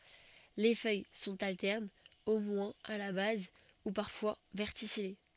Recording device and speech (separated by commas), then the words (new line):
soft in-ear microphone, read sentence
Les feuilles sont alternes, au moins à la base, ou parfois verticillées.